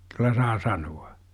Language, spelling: Finnish, kyllä saa sanoa
- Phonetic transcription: kyl̆lä 'saa "sanu₍a !

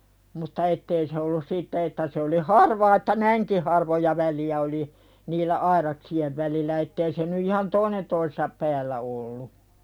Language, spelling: Finnish, mutta että ei se ollut siitä että se oli harvaa että näinkin harvoja välejä oli niillä aidaksien välillä että ei se nyt ihan toinen toisensa päällä ollut
- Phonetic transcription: mutta 'ettei se ollus "siittä että se oli "harvaa että "näiŋki harvoja 'väli₍ä oli , niillä "airaksi₍ev välillä ettei se ny ihan "toinen toisesap 'päällä ollu .

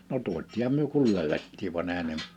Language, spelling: Finnish, no tuotiinhan me kun löydettiin vaan eihän ne
- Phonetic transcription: no 'tuot̆tiiham myö kul 'löywettiiv van ‿èhän ne ,.

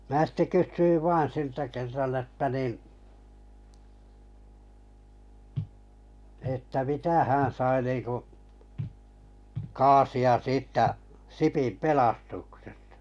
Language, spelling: Finnish, minä sitten kysyin vain siltä kerran että niin että mitä hän sai niin kuin kaasia siitä Sipin pelastuksesta
- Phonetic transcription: 'mää sitte 'kyssyiv 'vaan̬ siltä 'kerran että nin̬ , että 'mitä hää̰ sai niiŋku , 'kaasi₍a 'siittä , 'Sipim "pelastuksestᴀ .

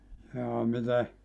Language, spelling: Finnish, jaa miten
- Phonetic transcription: jaa 'mite ?

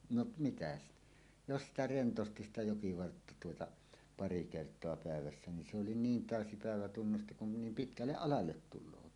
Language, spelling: Finnish, no mitä sitä jos sitä rentosti sitä jokivartta tuota pari kertaa päivässä niin se oli niin täysi päivä tunnusti kun ne niin pitkälle alalle tulevat
- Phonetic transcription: noˀ , 'mitä ‿stᴀ̈ , 'jos sitä "rentosti 'sitä "jokivartta tuota , "pari 'kert̀oa pä̀evässä nin se oli "niin "tä̀ösi 'pä̀evä tunnusti kun ne nim "pitkälleˀ "ˀalallet 'tul̆loot .

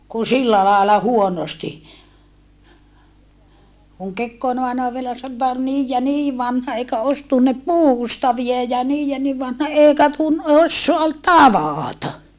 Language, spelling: Finnish, kun sillä lailla huonosti kun Kekkonen aina vielä sanoi että oli niin ja niin vanha eikä olisi tunne puustaveja ja niin ja niin vanha eikä - osaa tavata
- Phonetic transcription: ku sillä laala huonosti » kuŋ Kekkoone aena vielä satä » ol niij ja nii vanha eikä ois tunnep puustavia ja niij ja niv vanha èikä tun - ossoa tavaata !

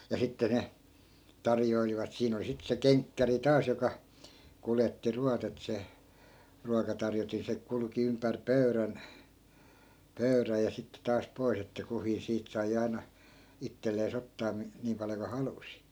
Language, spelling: Finnish, ja sitten ne tarjoilivat siinä oli sitten se kenkkäri taas joka kuljetti ruoat että se ruokatarjotin se kulki ympäri pöydän pöydän ja sitten taas pois että kukin siitä sai aina itselleen ottaa - niin paljon kuin halusi
- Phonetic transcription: ja 'sitte ne , 'tarjoilivat 'siin ‿oli sit se "keŋkkäri 'taas joka , 'kuletti 'ruat ‿et se , 'ruakatarjotin se 'kulᵘki ympär "pöy̬rän , 'pöy̬räj ja sitte taas 'pois ‿että kuhii 'siit sai 'ai̮na , 'ittellee's ‿ottaa mi- , 'niim paljo ku "halusi .

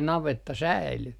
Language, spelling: Finnish, navetta säilyi
- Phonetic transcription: 'navetta 'säily .

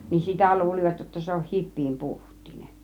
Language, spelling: Finnish, niin sitä luulivat jotta se on hipiän puhtiainen
- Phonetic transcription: nin "sitä 'luul͕ivat jotta 'se on 'hip̆piim 'puht̆tiine .

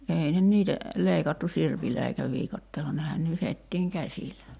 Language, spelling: Finnish, ei ne niitä leikattu sirpillä eikä viikatteella nehän nyhdettiin käsillä
- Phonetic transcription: 'ei nen 'niitä , 'leikattu 'sirpillä eikä 'viikatteella nehän 'nyhettiiŋ "käsilä .

